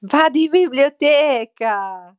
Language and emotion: Italian, happy